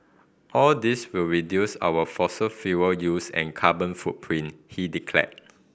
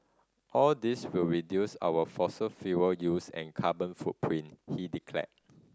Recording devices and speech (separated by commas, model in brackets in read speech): boundary microphone (BM630), standing microphone (AKG C214), read sentence